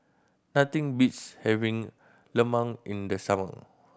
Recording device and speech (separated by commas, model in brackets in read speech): boundary microphone (BM630), read sentence